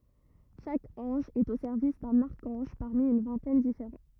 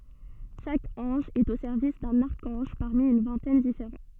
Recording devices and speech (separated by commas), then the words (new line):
rigid in-ear microphone, soft in-ear microphone, read sentence
Chaque ange est au service d'un archange, parmi une vingtaine différents.